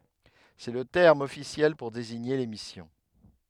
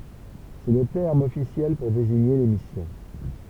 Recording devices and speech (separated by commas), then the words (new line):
headset microphone, temple vibration pickup, read sentence
C'est le terme officiel pour désigner les missions.